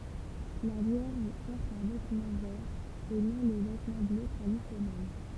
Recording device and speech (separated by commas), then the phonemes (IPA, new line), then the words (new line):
temple vibration pickup, read sentence
la vjɛʁʒ pɔʁt œ̃ vɛtmɑ̃ vɛʁ e nɔ̃ lə vɛtmɑ̃ blø tʁadisjɔnɛl
La Vierge porte un vêtement vert et non le vêtement bleu traditionnel.